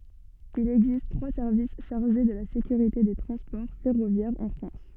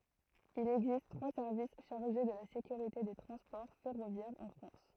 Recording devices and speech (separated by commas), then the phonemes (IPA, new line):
soft in-ear microphone, throat microphone, read sentence
il ɛɡzist tʁwa sɛʁvis ʃaʁʒe də la sekyʁite de tʁɑ̃spɔʁ fɛʁovjɛʁz ɑ̃ fʁɑ̃s